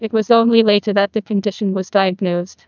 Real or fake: fake